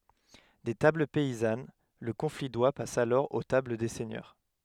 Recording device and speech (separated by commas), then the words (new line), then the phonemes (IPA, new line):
headset microphone, read sentence
Des tables paysannes, le confit d'oie passe alors aux tables des seigneurs.
de tabl pɛizan lə kɔ̃fi dwa pas alɔʁ o tabl de sɛɲœʁ